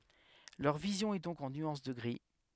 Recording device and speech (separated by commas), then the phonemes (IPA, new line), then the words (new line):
headset microphone, read sentence
lœʁ vizjɔ̃ ɛ dɔ̃k ɑ̃ nyɑ̃s də ɡʁi
Leur vision est donc en nuances de gris.